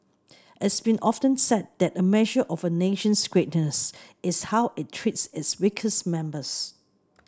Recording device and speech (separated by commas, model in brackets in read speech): standing microphone (AKG C214), read sentence